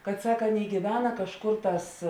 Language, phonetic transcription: Lithuanian, kad ˈsak ˈaˌnėi gyˈvena kažˈkor ˈtās

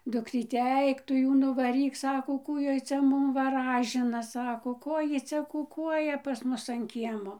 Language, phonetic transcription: Lithuanian, ˈdukryte ˈaik tu ˈjų nuvaˈryk ˈsako ˈkų ˈjoj ˈcia ˈmum vaˈražina ˈsako ˈko ˈjy ˈcia kuˈkuoja pas ˈmus an ˈkiemo

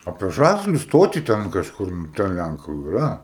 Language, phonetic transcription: Lithuanian, apie ˈžasliu ˈstoti ten kažˈkur ˈten ˈlænku iˈra

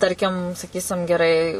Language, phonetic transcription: Lithuanian, ˈtarkim saˈkysim geˈrai

